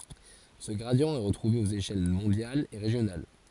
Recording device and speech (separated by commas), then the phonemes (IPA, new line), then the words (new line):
forehead accelerometer, read sentence
sə ɡʁadi ɛ ʁətʁuve oz eʃɛl mɔ̃djalz e ʁeʒjonal
Ce gradient est retrouvé aux échelles mondiales et régionales.